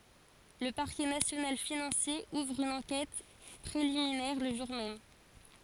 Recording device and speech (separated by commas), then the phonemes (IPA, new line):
forehead accelerometer, read sentence
lə paʁkɛ nasjonal finɑ̃sje uvʁ yn ɑ̃kɛt pʁeliminɛʁ lə ʒuʁ mɛm